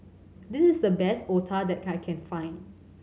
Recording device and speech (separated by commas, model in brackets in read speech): mobile phone (Samsung C7100), read sentence